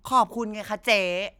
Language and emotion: Thai, frustrated